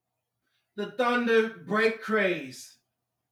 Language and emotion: English, sad